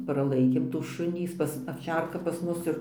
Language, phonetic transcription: Lithuanian, praˈlaikėm tų ˈšunį ˈjis pas avˈčerka pas ˈmus ir

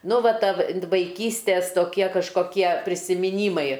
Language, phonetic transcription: Lithuanian, ˈnu ˈva ˈtavi vaiˈkystės toˈkie kažkoˈkie prisimiˈnymai

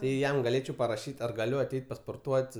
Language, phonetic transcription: Lithuanian, ˈtai ˈjam gaˈlėčiau paraˈšyt' ar gaˈliu aˈteit pasporˈtuot'

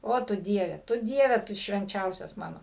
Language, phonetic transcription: Lithuanian, ˈo tu ˈdieve tu ˈdieve tu švenˈčiausias ˈmano

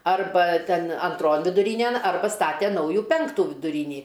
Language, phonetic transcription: Lithuanian, ˈarba ˈten anˈtron viduˈrynen ˈarba ˈstate ˈnaujų ˈpenktų viduˈrynį

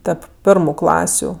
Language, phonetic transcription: Lithuanian, ˈtep ˈpirmu ˈklasiu

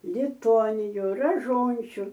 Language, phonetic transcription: Lithuanian, liˈtonijų raˈžončiu

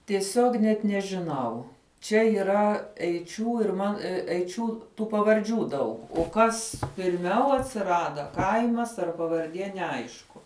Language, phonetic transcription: Lithuanian, tieˈsiog net nežiˈnau ˈčia yˈra eiˈčių ir ˈman eiˈčių ˈtų pavarˈdžių ˈdaug o ˈkas pirˈmiau atsiˈrada ˈkaimas ar pavarˈdie neˈaišku

